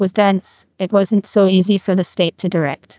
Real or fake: fake